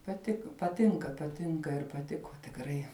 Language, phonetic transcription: Lithuanian, paˈtiko paˈtinka paˈtinka ir paˈtiku tikˈrai

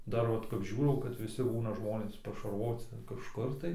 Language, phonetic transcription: Lithuanian, ˈdar vat kap ˈžiūrau kad viˈsi ˈbūna ˈžmonės pašarvoci kažˈkur tai

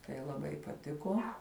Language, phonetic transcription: Lithuanian, tai laˈbai paˈtiko

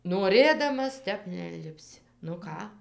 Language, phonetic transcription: Lithuanian, noˈrėdamas ˈtep neinlipˈsi nu ˈką

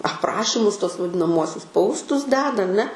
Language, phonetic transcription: Lithuanian, apˈrašimus tuos vadinaˈmuosius ˈpaustus ˈdeda aˈne

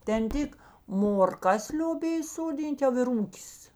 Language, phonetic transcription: Lithuanian, ten ˈtik morˈkas lioˈbėj soˈdyn't' jau ir ˈūkis

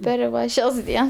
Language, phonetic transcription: Lithuanian, ˈper va ˈšias ˈdiens

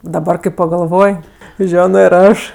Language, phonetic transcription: Lithuanian, daˈbar kai pagalˈvoj ˈženo ir ˈaš

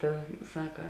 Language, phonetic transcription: Lithuanian, ˈta ˈsaka

